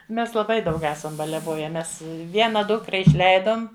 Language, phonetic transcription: Lithuanian, ˈmes laˈbai daug ˈesam baliaˈvoje ˈmes ˈviena ˈdukra išˈleidom

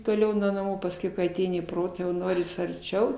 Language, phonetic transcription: Lithuanian, toˈliau nuo naˈmų pasˈkiau kai aˈteini į ˈprotą jau ˈnoris arˈčiau

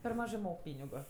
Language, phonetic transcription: Lithuanian, per ˈmažɜ ˈmok ˈpynigu

